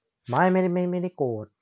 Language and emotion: Thai, neutral